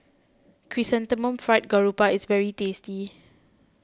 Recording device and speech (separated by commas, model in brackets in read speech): close-talking microphone (WH20), read sentence